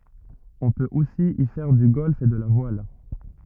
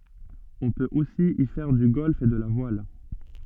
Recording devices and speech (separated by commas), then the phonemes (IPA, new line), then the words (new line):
rigid in-ear microphone, soft in-ear microphone, read sentence
ɔ̃ pøt osi i fɛʁ dy ɡɔlf e də la vwal
On peut aussi y faire du golf et de la voile.